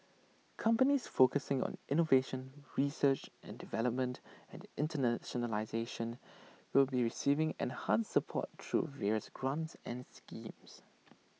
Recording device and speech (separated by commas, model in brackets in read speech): mobile phone (iPhone 6), read sentence